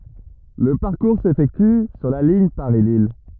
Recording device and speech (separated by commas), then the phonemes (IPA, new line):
rigid in-ear microphone, read sentence
lə paʁkuʁ sefɛkty syʁ la liɲ paʁislij